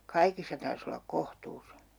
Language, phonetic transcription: Finnish, 'kaikissa tars ‿ollak "kohtuus .
- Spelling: kaikissa tarvitsisi olla kohtuus

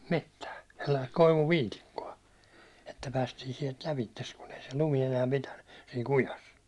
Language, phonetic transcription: Finnish, 'mettä , sellaist 'koivu"viitikko₍a , että 'päästiin sielt 'lävittes kun ‿ei se 'lumi enää 'pitänny , siin̬ 'kujas .
- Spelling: metsää sellaista koivuviitikkoa että päästiin sieltä läpi kun ei se lumi enää pitänyt siinä kujassa

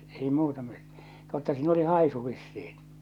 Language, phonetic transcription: Finnish, 'ei 'muuta mɪt- , 'totta siin ‿oli "hàisu vissiin .
- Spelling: ei muuta - totta siinä oli haisu vissiin

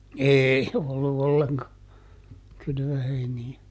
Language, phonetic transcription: Finnish, "eei , ollu ˈolleŋka , ˈkylvöheini₍ä .
- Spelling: ei ollut ollenkaan kylvöheiniä

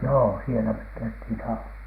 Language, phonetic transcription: Finnish, joo "sielä mek 'käythìn saun(asa) .
- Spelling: joo siellä me käytiin saunassa

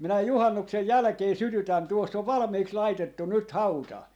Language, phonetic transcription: Finnish, minä "juhannuksej 'jälᵃ̈kee "sytytän 'tuoss ‿ov "valᵃm̀iʰiks 'laitettun̆ 'nyt "hauta .
- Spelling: minä juhannuksen jälkeen sytytän tuossa on valmiiksi laitettu nyt hauta

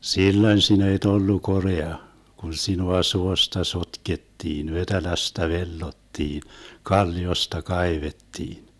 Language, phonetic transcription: Finnish, 'silloń sinä et 'ollu "korea , kun 'sinua 'suosta "sotkettiin , 'vetelästä "vellottiin , 'kalli₍osta "kaivettiin .
- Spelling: silloin sinä et ollut korea kun sinua suosta sotkettiin vetelästä vellottiin kalliosta kaivettiin

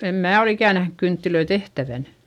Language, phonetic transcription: Finnish, em mää ol ‿ikä̀ nähnyk kynttilöi tehtävän .
- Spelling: en minä ole ikään nähnyt kynttilöitä tehtävän

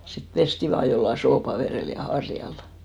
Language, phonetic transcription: Finnish, sip 'pesti vaa jolla 'soopaverèl ja 'harjal .
- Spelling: sitten pestiin vain jollakin suopavedellä ja harjalla

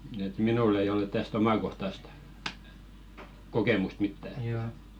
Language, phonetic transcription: Finnish, et "minùll ‿ei olᵉᵗ täs't ‿omàkohtast , 'kokèmust "mittä ettᴀ̈ .
- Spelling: että minulla ei ole tästä omakohtaista kokemusta mitään että

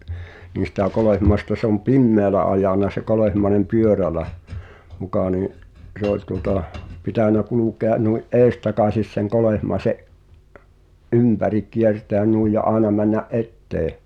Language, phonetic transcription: Finnish, niin̬ sitä̀ 'Kolèhmaesta se ‿om "pimmeälä ajàn̆na se 'Kolehmaĕnem "pyörälä , 'mukà nii’ , se ‿ol tuŏta , 'pitä̀nä 'kulùkea’ , nui’ "’èistakàsis seŋ 'Kolèhmaese’ , "’ympäriᵏ 'kierteän nui ja '’àena männä’ "’ettee .
- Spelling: niin sitä Kolehmaista se on pimeällä ajanut se Kolehmainen pyörällä muka niin se oli tuota pitänyt kulkea noin edestakaisin sen Kolehmaisen ympäri kiertäen noin ja aina mennä eteen

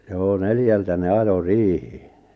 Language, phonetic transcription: Finnish, 'joo "neljältä 'ne "ajo "riihɪɪɪ .
- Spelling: joo neljältä ne ajoi riiheen

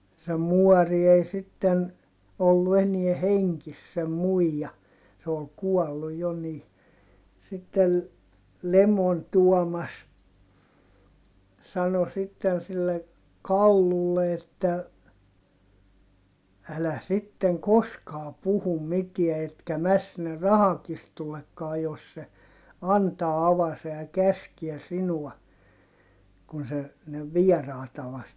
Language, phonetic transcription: Finnish, se muɔri ei sitten , ollu enie heŋkis sem muija , se ol kuɔllu jo ni , sittel , Lemon Tuɔmas , sano sitten sille , Kallulle että , » älä sitteŋ koskaa puhum mitiä etkä mäs sinner rahakistullekkaa jos se , antaa avase ja käskiɛ sinua » , kun se , ne viɛràita vaste , .
- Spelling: se muori ei sitten ollut enää hengissä sen muija se oli kuollut jo niin sitten Lemon Tuomas sanoi sitten sille Kallulle että älä sitten koskaan puhu mitään etkä mene sinne rahakirstullekaan jos se antaa avasen ja käskee sinua kun se ne vieraita vasten

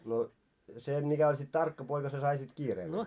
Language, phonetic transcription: Finnish, no , 'se 'mikä oĺ sit "tarkka poika se sai sit 'kiireempää .
- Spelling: no se mikä oli sitten tarkka poika se sai sitten kiireempää

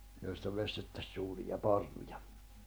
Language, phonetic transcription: Finnish, joista 'vestettäś suuriʲa 'parruja .
- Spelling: joista veistettäisiin suuria parruja

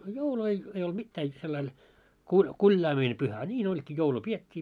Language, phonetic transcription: Finnish, a 'joulu ei , ei olt 'mittää jot 'sellail , kuĺ- 'kuĺjaamine pyhä , a 'ńiin oĺkii 'joulu 'piet́t́ii .
- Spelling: a joulu ei ei ollut mitään jotta sillä lailla - kuljaaminen pyhä a niin olikin joulu pidettiin

